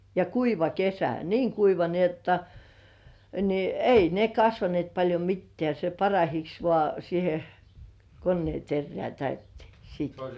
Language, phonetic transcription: Finnish, ja 'kuiva "kesä , 'niiŋ kuiva ni ‿jotta , ni "ei ne kasvanĭèt paĺjo 'mittĕä̀ se "parahiks vŏà siihe 'konnĭè terrĕä̀ täyttĭèks sɪɪt .
- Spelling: ja kuiva kesä niin kuiva niin jotta niin ei ne kasvaneet paljon mitään se parahiksi vain siihen koneen terään täytteeksi siitä

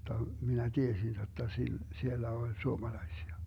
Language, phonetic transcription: Finnish, (jotta) , 'minä 'tiesin jotta 'sil- , 'siellä 'oĺ 'suomalaisia .
- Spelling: jotta minä tiesin jotta - siellä oli suomalaisia

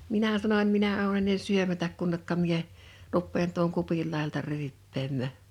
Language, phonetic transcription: Finnish, 'minä 'sanoń » 'minä ou̬ ennen 'syömätäk kunnekka mie , 'ruppeen tuoŋ 'kupil 'làijalta 'ryyppeemmä̀ .
- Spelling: minä sanoin minä olen ennen syömättä kunne minä rupean tuon kupin laidalta ryyppäämään

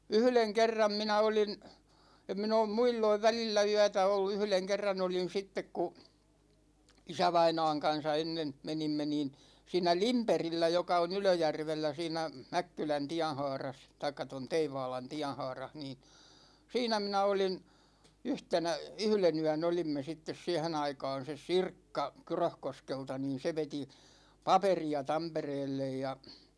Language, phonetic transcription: Finnish, 'yhleŋ 'kerram 'minä 'olin , 'em min ‿oom 'muilloiv "välillä 'yätä ollu , 'yhleŋ 'kerran ‿olin 'sittek ku , 'isävaina̭a̭ŋ 'kan̬sa ennen , 'menimme niin , 'siinä "Limperillä joka on 'Ylöjärvellä siinä , 'Mäkkylän 'tiän̬haaras , taikka ton 'Teivaalan 'tiän̬haarah niin , 'siinä minä olin , 'yhtenä , "yhle'n ‿yän 'olimme sittes 'siɛhen ‿aikaan̬ seˢ "Sirkka , 'Kyröhkoskelta niin̬ se 'veti , "paperi₍a 'Tampereellej ja ,.
- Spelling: yhden kerran minä olin en minä ole muulloin välillä yötä ollut yhden kerran olin sitten kun isävainaan kanssa ennen menimme niin siinä Lindbergillä joka on Ylöjärvellä siinä Mäkkylän tienhaarassa tai tuon Teivaalan tienhaarassa niin siinä minä olin yhtenä yhden yön olimme sitten siihen aikaan se Sirkka Kyröskoskelta niin se veti paperia Tampereelle ja

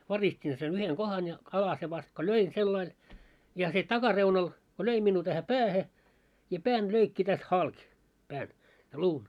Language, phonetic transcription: Finnish, 'varistin sen 'yheŋ 'ɢohan ja , 'alase vast ko "löin sellail , ja se 'takareunal , ko löi minnuu tähä "päähe , ja 'pään löikki täst "halk , pään , ja "luun .
- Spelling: varistin sen yhden kohdan ja alasen vasta kun löin sillä lailla ja se takareunalla kun löi minua tähän päähän ja pään löi tästä halki pään ja luun

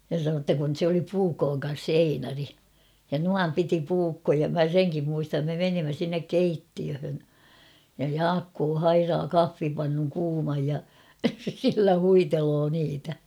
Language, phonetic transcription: Finnish, ja (se) sanoo ‿tta kun se ‿oli 'puukooŋ kan̬s se "Einari , ja "nuam piti 'puukkoja mä "seŋkim muistam me 'menimmä sinnek "keittiöhön , ja "Jaakkoo "hairaa "kaffipannuŋ 'kuumaj ja , sillä 'huitelo niitä .
- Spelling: ja se sanoi jotta kun se oli puukon kanssa se Einari ja noin piti puukkoja minä senkin muistan me menimme sinne keittiöön ja Jaakko hairaa kahvipannun kuuman ja sillä huiteli niitä

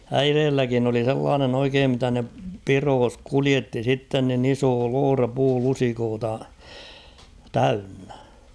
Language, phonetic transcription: Finnish, äireelläkin ‿oli 'sellaanen ‿oikeem mitä ne "piroos "kulietti 'sitten nin ‿"iso 'loora 'puu'lusikoota , "täynnᴀ̈ .
- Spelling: äidilläkin oli sellainen oikein mitä ne pidoissa kuljetti sitten niin iso loota puulusikoita täynnä

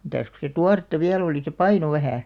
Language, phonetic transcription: Finnish, mitäs ku se "tuaretta "viä'l ‿olì se "paino 'vähä̀ .
- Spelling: mitäs kun se tuoretta vielä oli se painoi vähän

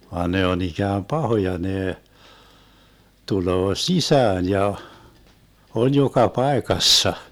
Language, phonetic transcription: Finnish, 'vaan ne on 'ikääm "pahoja 'nee , 'tuloo "sisään ja , 'on 'joka "paekassa .
- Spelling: vaan ne on ikään pahoja ne tulee sisään ja on joka paikassa

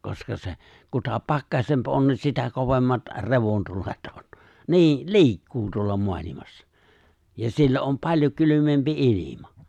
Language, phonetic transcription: Finnish, 'koska se , 'kuta "pakkasemp ’on ni 'sitä 'kovemmat , "re̬vontulet ’on , 'ni̬i , "li̬ikkuu tuolla 'moalimassa , ja 'siellä om 'paĺjo 'kylymempi "’ilima .
- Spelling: koska se kuta pakkasempi on niin sitä kovemmat revontulet on niin liikkuu tuolla maailmassa ja siellä on paljon kylmempi ilma

